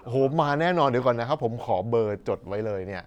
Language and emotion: Thai, happy